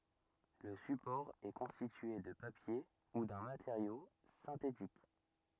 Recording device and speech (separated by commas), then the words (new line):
rigid in-ear microphone, read sentence
Le support est constitué de papier ou d'un matériau synthétique.